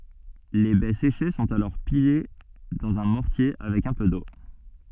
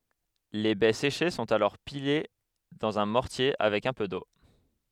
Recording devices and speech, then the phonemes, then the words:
soft in-ear microphone, headset microphone, read sentence
le bɛ seʃe sɔ̃t alɔʁ pile dɑ̃z œ̃ mɔʁtje avɛk œ̃ pø do
Les baies séchées sont alors pilées dans un mortier avec un peu d’eau.

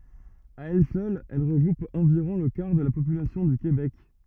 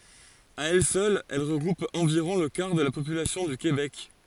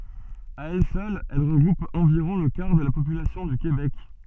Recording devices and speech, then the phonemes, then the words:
rigid in-ear microphone, forehead accelerometer, soft in-ear microphone, read sentence
a ɛl sœl ɛl ʁəɡʁup ɑ̃viʁɔ̃ lə kaʁ də la popylasjɔ̃ dy kebɛk
À elle seule, elle regroupe environ le quart de la population du Québec.

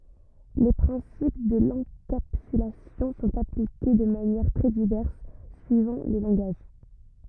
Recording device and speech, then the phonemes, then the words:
rigid in-ear microphone, read sentence
le pʁɛ̃sip də lɑ̃kapsylasjɔ̃ sɔ̃t aplike də manjɛʁ tʁɛ divɛʁs syivɑ̃ le lɑ̃ɡaʒ
Les principes de l'encapsulation sont appliqués de manières très diverses suivant les langages.

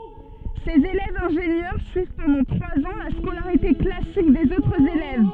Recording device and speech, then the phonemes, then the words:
soft in-ear microphone, read sentence
sez elɛvz ɛ̃ʒenjœʁ syiv pɑ̃dɑ̃ tʁwaz ɑ̃ la skolaʁite klasik dez otʁz elɛv
Ces élèves ingénieurs suivent pendant trois ans la scolarité classique des autres élèves.

